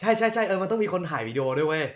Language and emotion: Thai, happy